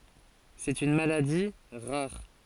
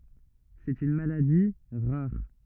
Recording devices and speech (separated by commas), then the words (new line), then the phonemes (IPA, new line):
forehead accelerometer, rigid in-ear microphone, read sentence
C'est une maladie rare.
sɛt yn maladi ʁaʁ